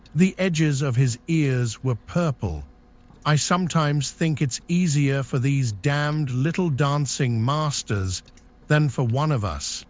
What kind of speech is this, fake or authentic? fake